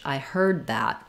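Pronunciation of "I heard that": In 'I heard that', the d of 'heard' is unreleased and links straight into the th of 'that'. There is no separate d sound, and the vowel in 'heard' is long.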